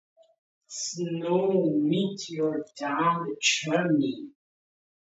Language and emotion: English, disgusted